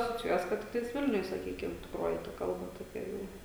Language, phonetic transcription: Lithuanian, asociˈjuojas ˈkad ˈtiktais ˈvilniuj saˈkykim tikˈroji ta ˈkalba toˈkia ˈjau

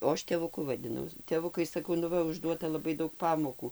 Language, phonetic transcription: Lithuanian, o ˈaš tėvuˈku vadiˈnau tėˈvukai saˈkau nu ˈva užˈduota laˈbai ˈdaug ˈpamokų

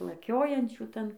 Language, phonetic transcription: Lithuanian, ir laˈkiojančių ˈtan

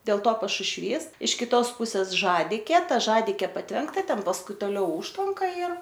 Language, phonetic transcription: Lithuanian, dėl ˈto pašušˈvys iš kiˈtos ˈpusės ˈžadikė ˈta ˈžadikė patˈvenkta ˈten pasˈkui toˈliau ˈužtvanka ir

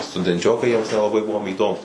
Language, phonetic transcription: Lithuanian, studenˈčiokai ˈjiems nelaˈbai ˈbuvom įˈdomūs

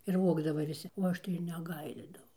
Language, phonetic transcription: Lithuanian, ir ˈvogdava viˈsi o ˈaš tai ir neˈgailėdavau

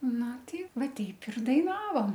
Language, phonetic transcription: Lithuanian, ˈnu ˈti ˈvaˈteip ir daiˈnavom

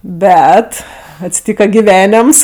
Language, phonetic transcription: Lithuanian, ˈbet atsiˈtyka giˈvenems

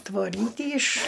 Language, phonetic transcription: Lithuanian, tvoˈrytį iš

